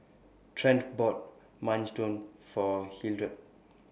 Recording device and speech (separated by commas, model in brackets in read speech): boundary microphone (BM630), read sentence